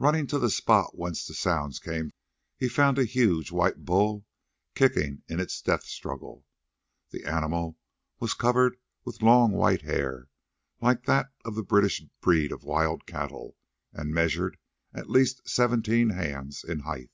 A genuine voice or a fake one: genuine